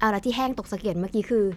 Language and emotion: Thai, neutral